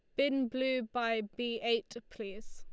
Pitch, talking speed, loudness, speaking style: 235 Hz, 155 wpm, -34 LUFS, Lombard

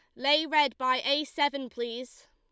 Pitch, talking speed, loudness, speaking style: 275 Hz, 170 wpm, -27 LUFS, Lombard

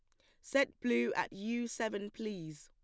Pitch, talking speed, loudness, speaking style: 210 Hz, 165 wpm, -36 LUFS, plain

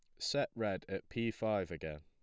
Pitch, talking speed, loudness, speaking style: 95 Hz, 195 wpm, -38 LUFS, plain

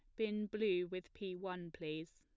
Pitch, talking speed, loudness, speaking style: 185 Hz, 185 wpm, -42 LUFS, plain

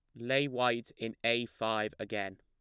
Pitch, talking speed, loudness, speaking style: 115 Hz, 165 wpm, -33 LUFS, plain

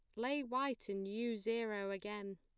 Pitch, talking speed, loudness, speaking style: 220 Hz, 165 wpm, -41 LUFS, plain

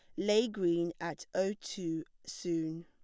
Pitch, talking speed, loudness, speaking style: 170 Hz, 135 wpm, -35 LUFS, plain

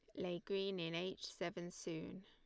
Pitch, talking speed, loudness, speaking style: 175 Hz, 175 wpm, -45 LUFS, Lombard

